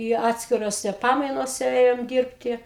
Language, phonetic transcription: Lithuanian, i ˈatskirose ˈpamainose ˈėjom ˈdyrbti

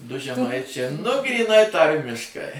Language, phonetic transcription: Lithuanian, ˈdu žeˈmaičia nu gryˈnai ˈtarmiškai

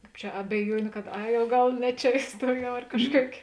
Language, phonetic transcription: Lithuanian, ˈkāp čia abeˈjuoniu kad ˈai o ˈgal ˈne ˌčia iˈstuojau ar ˈkažˌkuok'

